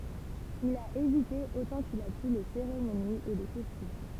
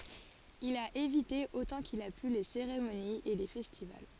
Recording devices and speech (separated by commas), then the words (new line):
temple vibration pickup, forehead accelerometer, read sentence
Il a évité autant qu'il a pu les cérémonies et les festivals.